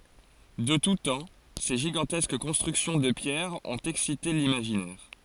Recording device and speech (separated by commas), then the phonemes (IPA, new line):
forehead accelerometer, read sentence
də tu tɑ̃ se ʒiɡɑ̃tɛsk kɔ̃stʁyksjɔ̃ də pjɛʁ ɔ̃t ɛksite limaʒinɛʁ